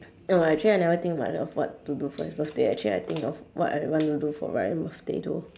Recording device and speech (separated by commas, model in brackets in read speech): standing microphone, conversation in separate rooms